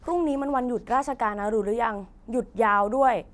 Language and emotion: Thai, frustrated